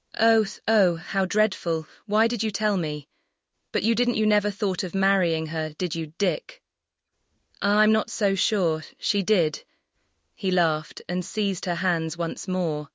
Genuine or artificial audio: artificial